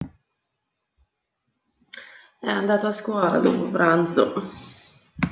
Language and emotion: Italian, sad